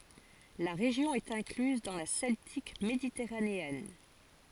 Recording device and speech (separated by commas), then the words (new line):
forehead accelerometer, read sentence
La région est incluse dans la Celtique méditerranéenne.